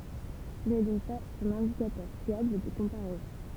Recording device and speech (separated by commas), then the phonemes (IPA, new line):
temple vibration pickup, read sentence
sə nɛ dɔ̃k paz œ̃n ɛ̃dikatœʁ fjabl də kɔ̃paʁɛzɔ̃